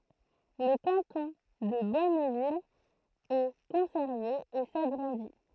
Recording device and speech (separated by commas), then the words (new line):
throat microphone, read sentence
Le canton de Bonneville est conservé et s'agrandit.